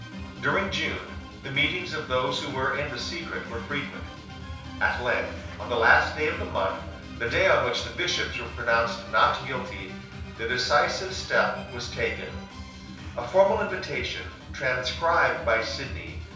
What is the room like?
A compact room (about 3.7 m by 2.7 m).